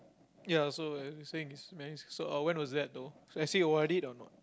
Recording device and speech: close-talking microphone, conversation in the same room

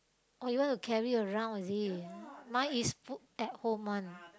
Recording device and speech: close-talking microphone, conversation in the same room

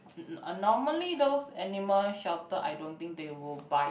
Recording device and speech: boundary microphone, conversation in the same room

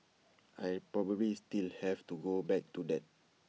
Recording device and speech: mobile phone (iPhone 6), read sentence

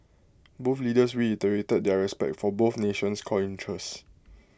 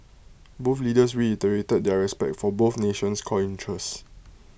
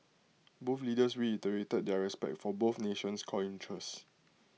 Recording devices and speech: close-talking microphone (WH20), boundary microphone (BM630), mobile phone (iPhone 6), read sentence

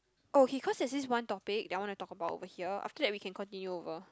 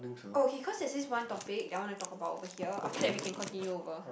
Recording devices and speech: close-talking microphone, boundary microphone, conversation in the same room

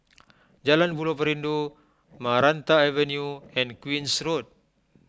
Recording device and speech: close-talking microphone (WH20), read sentence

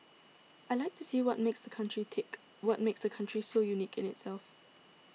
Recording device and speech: mobile phone (iPhone 6), read sentence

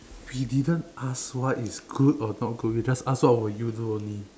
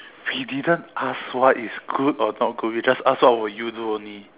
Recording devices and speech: standing microphone, telephone, conversation in separate rooms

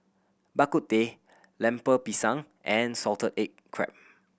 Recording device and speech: boundary microphone (BM630), read sentence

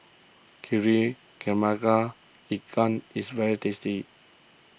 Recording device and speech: boundary microphone (BM630), read sentence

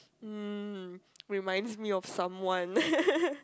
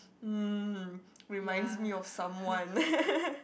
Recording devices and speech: close-talking microphone, boundary microphone, conversation in the same room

